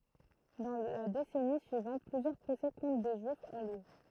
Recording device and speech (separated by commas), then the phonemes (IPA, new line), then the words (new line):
throat microphone, read sentence
dɑ̃ la desɛni syivɑ̃t plyzjœʁ pʁosɛ kɔ̃tʁ de ʒyifz ɔ̃ ljø
Dans la décennie suivante, plusieurs procès contre des Juifs ont lieu.